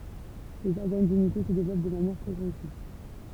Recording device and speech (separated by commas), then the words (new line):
temple vibration pickup, read sentence
Les organes génitaux se développent de manière progressive.